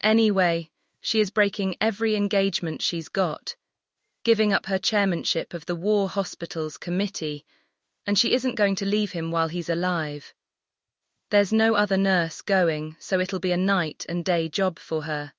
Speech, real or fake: fake